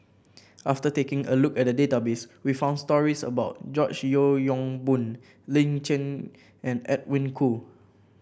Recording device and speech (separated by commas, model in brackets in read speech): boundary microphone (BM630), read sentence